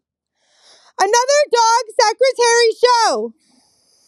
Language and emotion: English, neutral